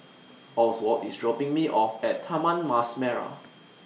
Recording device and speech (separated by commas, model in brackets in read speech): mobile phone (iPhone 6), read sentence